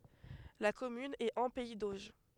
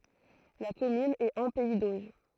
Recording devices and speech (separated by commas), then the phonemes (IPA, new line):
headset microphone, throat microphone, read sentence
la kɔmyn ɛt ɑ̃ pɛi doʒ